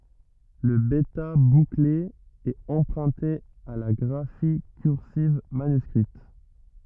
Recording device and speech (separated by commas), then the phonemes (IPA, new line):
rigid in-ear microphone, read sentence
lə bɛta bukle ɛt ɑ̃pʁœ̃te a la ɡʁafi kyʁsiv manyskʁit